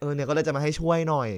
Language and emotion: Thai, frustrated